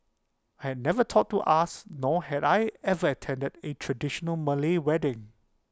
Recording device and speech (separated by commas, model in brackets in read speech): close-talking microphone (WH20), read sentence